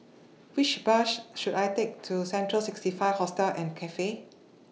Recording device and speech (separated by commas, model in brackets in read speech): mobile phone (iPhone 6), read sentence